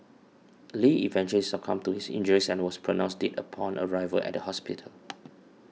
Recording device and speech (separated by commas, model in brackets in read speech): mobile phone (iPhone 6), read sentence